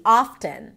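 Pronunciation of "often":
In 'often', the T is pronounced.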